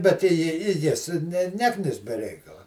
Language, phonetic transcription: Lithuanian, bet i ji i ˈjis ne ˈneknis be ˈreikala

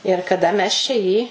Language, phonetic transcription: Lithuanian, ir kaˈda mes čia ˈjį

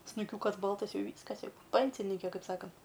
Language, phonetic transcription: Lithuanian, snuˈkiūkas ˈbaltas ˈjau ˈvyskas ˈjau ˈpensinyke ˈkaip ˈsakant

